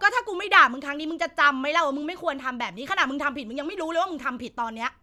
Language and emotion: Thai, angry